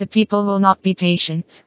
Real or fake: fake